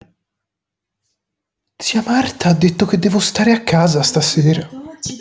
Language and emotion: Italian, surprised